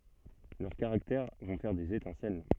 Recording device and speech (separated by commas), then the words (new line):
soft in-ear microphone, read sentence
Leurs caractères vont faire des étincelles.